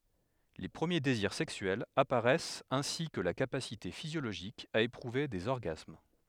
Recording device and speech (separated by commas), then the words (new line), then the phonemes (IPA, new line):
headset microphone, read sentence
Les premiers désirs sexuels apparaissent ainsi que la capacité physiologique à éprouver des orgasmes.
le pʁəmje deziʁ sɛksyɛlz apaʁɛst ɛ̃si kə la kapasite fizjoloʒik a epʁuve dez ɔʁɡasm